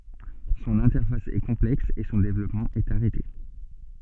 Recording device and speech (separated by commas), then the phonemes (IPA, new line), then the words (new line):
soft in-ear microphone, read sentence
sɔ̃n ɛ̃tɛʁfas ɛ kɔ̃plɛks e sɔ̃ devlɔpmɑ̃ ɛt aʁɛte
Son interface est complexe et son développement est arrêté.